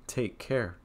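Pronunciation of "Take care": The voice goes up slightly on 'take' and then falls on 'care'.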